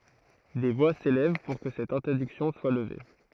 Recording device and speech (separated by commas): throat microphone, read sentence